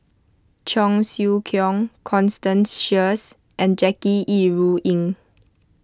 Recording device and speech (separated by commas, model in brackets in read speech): close-talking microphone (WH20), read sentence